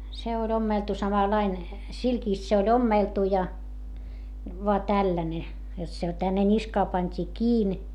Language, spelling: Finnish, se oli ommeltu samanlainen silkistä se oli ommeltu ja vain tällainen jotta se tänne niskaan pantiin kiinni
- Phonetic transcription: se oĺ ‿ommeltu samalain , silkìst se oĺ ‿ommèltu ja , voa tälläne , jot se tänne ńiskaa pańt́ii kiin .

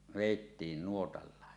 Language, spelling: Finnish, vedettiin nuotalla
- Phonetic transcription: vèittiin 'nuotallàe .

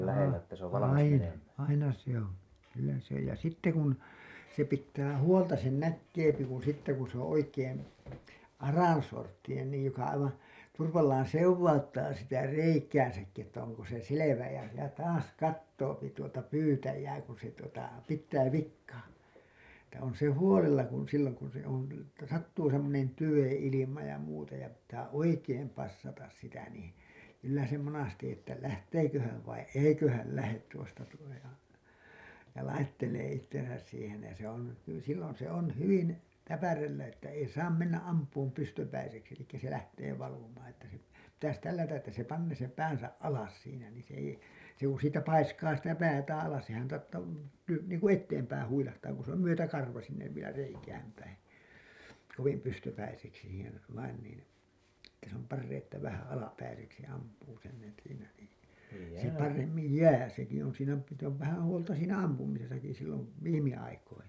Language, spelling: Finnish, - aina aina se on kyllä se ja sitten kun se pitää huolta sen näkee kun sitten kun se on oikein aransorttinen niin joka aivan turvallaan sekauttaa sitä reikäänsäkin että onko se selvä ja ja taas katsoo tuota pyytäjää kun se tuota pitää vikaa että on se huolella kun silloin kun se on - että sattuu semmoinen tyven ilma ja muuta ja pitää oikein passata sitä niin kyllä se monesti että lähteekö hän vai eikö hän lähde tuosta tuo jo ja laittelee itsensä siihen ja se on - silloin se on hyvin täpärällä että ei saa mennä ampumaan pystypäiseksi eli se lähtee valumaan että se pitäisi tällätä että se panee sen päänsä alas siinä niin se ei se kun siitä paiskaa sitä päätään alas sehän lyö niin kun eteenpäin huilahtaa kun se on myötäkarvaan sinne vielä reikään päin kovin pystypäiseksi siihen vain niin että se on paras että vähän alapäiseksi ampuu sen siinä niin se paremmin jää sekin on siinä sitten on vähän huolta siinä ampumisessakin silloin viime aikoina
- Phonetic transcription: aa- , 'aina , 'aina se ‿oo̰ , kyllä se ja sitte kun , se 'pittää "huolta sen 'näkkeepi kun̬ sitte kun̬ se ‿oo̰ 'oikeen̬ , "arànsorttinen niij joka aivan̬ , 'turvallaan̬ "sewvauttaa sitä "reikääsäkki että oŋko se 'selevä ja , ja 'taas 'kattoopi tuota 'pyytäjää kun̬ se tuota , 'pit̆tää 'vik̆kaa , että on se "huolella kun , silloŋ kun se on lä- , Että 'sattuu semmonen 'tyven̬ ilima ja muuta ja pittää 'oikeem passatas sitä nii , kyllä se monasti 'että 'lähteekö häv vai 'eikö häl , 'lähet tuosta tuo jo , ja 'laittelee ittesäs siihen̬ ja se ‿on hy- , sillon se ‿on 'hyvin , 'täpärellä että 'ei 'saam 'mennä’ "’amp̀uum 'pystöpäiseksi elikkä se lähtee valumaan että se , pitäs 'tällätä’ ’että se 'pannee sem 'päänsä’ ’alas siinä niin̬ se ei , se ku siitä 'paiskaa sitä 'päätäää̰ alas sehän , lyö niin , ku 'etteempäin huilahtaa ku s ‿òn§ 'myötäkarva sinnev vielä 'reikääm päin , kovim pystöpäiseksi siihen , vain nin , että se ‿om 'parreiḭ että vähä 'alapäiseksi ampuu sen siinä nii , se 'paremmij "jää seki on siinä , sit ‿ov vähän̬ huolta siinä 'ampumisesaki sillov , 'viimi₍aikoina .

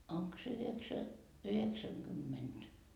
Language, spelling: Finnish, onko se - yhdeksänkymmentä
- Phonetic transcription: 'oŋk se yheksä- , 'yheksäŋ'kymmenD ?

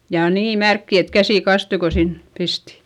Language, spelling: Finnish, ja niin märkiä että käsi kastui kun sinne pisti
- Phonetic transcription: ja nii märkki et käsì kastui ko sin , pisti .

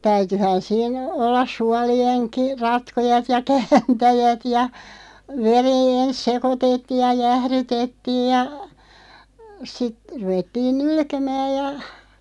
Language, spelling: Finnish, täytyihän siinä olla suolienkin ratkojat ja kääntäjät ja veri ensin sekoitettiin ja jäähdytettiin ja sitten ruvettiin nylkemään ja
- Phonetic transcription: 'täytyhän siin , 'ollas 'sualieŋki , 'ratkojat ja "kääntäjät ja , 'ver(i) "ens 'sekotettiij ja 'jährytettiij ja , sit , 'ruvettiin "nulkemääʲ ja ,.

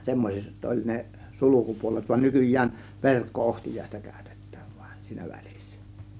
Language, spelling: Finnish, semmoiset oli ne sulkupuolet vaan nykyään verkko-ohtiaista käytetään vain siinä välissä
- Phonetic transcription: 'semmos͕et oĺ ne , 'sulukupuo-let van 'nykyj̆jään , "verkko₍'ohtij̀àėsta kä̀Ö̇tEttÄÄV VAIN siinÄ 'VÄLIssÄ .

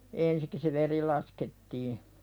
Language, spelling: Finnish, ensin se veri laskettiin
- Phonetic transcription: 'ensik se "veri laskettii .

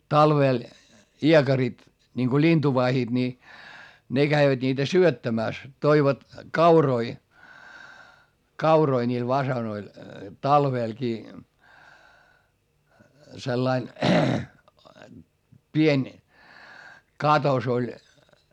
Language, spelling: Finnish, talvella iekarit niin kun lintuvahdit niin ne kävivät niitä syöttämässä toivat kauroja kauroja niille fasaaneille talvellakin sellainen pieni katos oli
- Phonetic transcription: talvèl , iekarit , niŋko lintuvahiD ni , ne GäiväD niitä syöttämä̀s , toivat , kauroi , kauroi ńiil vasanoil , talvèlkii , sellain , pień , katos ‿oĺ .

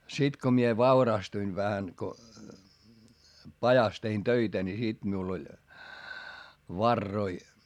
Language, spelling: Finnish, sitten kun minä vaurastuin vähän kun pajassa tein töitä niin sitten minulla oli varoja
- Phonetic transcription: sit ko mie vaurastuin vähä ko , pajas tein töitä ni sit miul ‿oĺ , varroi .

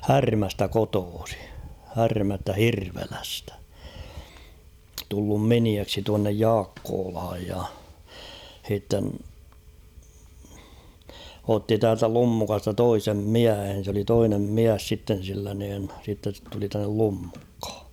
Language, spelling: Finnish, Härmästä kotoisin Härmästä Hirvelästä tullut miniäksi tuonne Jaakkolaan ja sitten otti täältä Lummukasta toisen miehen se oli toinen mies sitten sillä niin sitten se tuli tänne Lummukkaan
- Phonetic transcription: Härmästä 'kotoosi ; 'Härmästä "Hirvelästᴀ̈ tullum 'miniäksi tuannej ''Jaakkoolhaj ja , h̬itten , 'otti täältä 'Lummukasta 'toisem "miähen̬ sᵉ ‿oli 'toinem "miäs sitten̬ sillä niin , sitten̬ (se) tuli tännel 'Lummukh̭ᴀ .

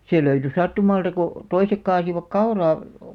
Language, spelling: Finnish, se löytyi sattumalta kun toiset kaatoivat kauraa
- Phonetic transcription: 'sè löyty 'sattumalta ko , 'toisek 'kaasivak "kauraa ,.

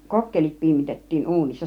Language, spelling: Finnish, kokkelit piimitettiin uunissa
- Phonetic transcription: kokkelit 'piimitet̀tiin "uunissa .

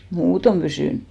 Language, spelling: Finnish, muuten pysynyt
- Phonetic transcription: "muutom pysỳn !

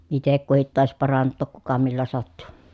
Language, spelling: Finnish, itse kukin taisi parantaa kuka millä sattui
- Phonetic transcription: itek kuhit tài̮s paranttòk kuka millä sattu .

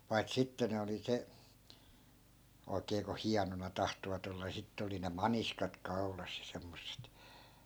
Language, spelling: Finnish, paita sitten ne oli se oikein kun hienona tahtoivat olla niin sitten oli ne maniskat kaulassa ja semmoiset
- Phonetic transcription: pai̮t 'sitte ne oli 'se , 'oikee ko "hianona 'tahtovat ‿olla ni 'sittᵉ oli ne "maniskat 'kau̬las ja semmosset .

